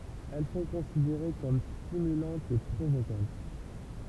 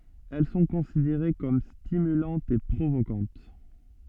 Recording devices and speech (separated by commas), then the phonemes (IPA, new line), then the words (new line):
temple vibration pickup, soft in-ear microphone, read sentence
ɛl sɔ̃ kɔ̃sideʁe kɔm stimylɑ̃tz e pʁovokɑ̃t
Elles sont considérées comme stimulantes et provocantes.